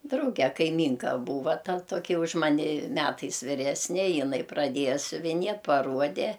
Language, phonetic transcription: Lithuanian, ˈdrauge kaiˈmynka ˈbūva ˈta ˈtoki už ˈmani ˈmetais viˈresne jiˈnai praˈdieja siuviˈnie paˈruode

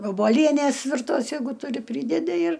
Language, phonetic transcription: Lithuanian, voboˈlienės virˈtos ˈjeigu tuˈri ˈprydedi ir

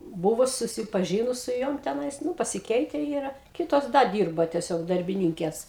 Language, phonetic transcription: Lithuanian, ˈbuvus susiˈpažinus su ˈjom teˈnais ˈnu pasiˈkeite ˈyra ˈkitos ˈda ˈdyrba tieˈsiog darbiˈnynkės

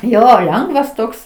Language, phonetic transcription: Lithuanian, ˈjo ˈlengvas ˈtoks

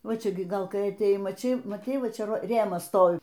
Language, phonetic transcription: Lithuanian, ˈva ˈčia gi ˈgal ˈkai atėˈjai maˈčei maˈtei ˈva ˈčia ˈva ˈrėmas ˈstovi

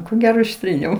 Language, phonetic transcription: Lithuanian, ko ˈgero išˈtryniau

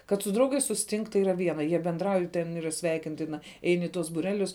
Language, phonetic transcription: Lithuanian, kad su ˈdraugais susiˈtink tai ˈyra ˈviena jie benˈdrauj ten ˈyra ˈsveikintina ˈein i ˈtuos būˈrelius

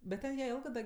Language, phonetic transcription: Lithuanian, bet ˈten jie ˈėlgɜ da

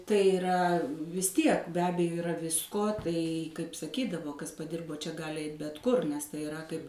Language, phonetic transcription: Lithuanian, tai iˈra vis ˈtiek be ˈabejo iˈra ˈvisko ˈtai kaip saˈkydavo ˈkas paˈdirbo čia ˈgali ˈeit bet ˈkur nes tai iˈra kaip

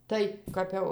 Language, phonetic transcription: Lithuanian, ˈtai kap ˈjau

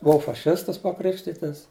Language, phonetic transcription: Lithuanian, buˈau faˈšistas paˈkrikštitas

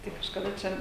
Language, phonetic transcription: Lithuanian, ˈtai kažkaˈda ˈčia

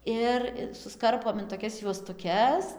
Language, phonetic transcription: Lithuanian, ˈir i susˈkarpom in toˈkias juostuˈkes

